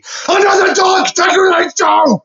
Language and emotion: English, disgusted